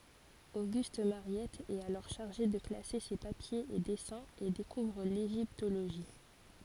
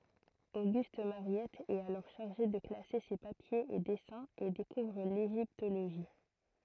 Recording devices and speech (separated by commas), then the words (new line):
forehead accelerometer, throat microphone, read sentence
Auguste Mariette est alors chargé de classer ses papiers et dessins et découvre l’égyptologie.